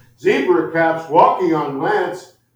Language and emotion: English, sad